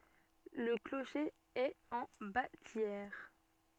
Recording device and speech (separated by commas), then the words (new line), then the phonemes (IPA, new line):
soft in-ear microphone, read sentence
Le clocher est en bâtière.
lə kloʃe ɛt ɑ̃ batjɛʁ